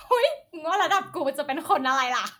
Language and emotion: Thai, happy